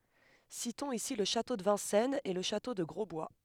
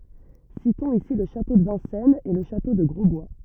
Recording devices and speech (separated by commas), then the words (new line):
headset microphone, rigid in-ear microphone, read sentence
Citons ici le château de Vincennes et le château de Grosbois.